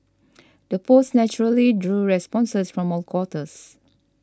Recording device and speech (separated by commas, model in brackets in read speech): standing microphone (AKG C214), read sentence